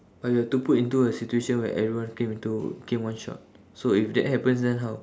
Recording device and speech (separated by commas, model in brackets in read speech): standing microphone, conversation in separate rooms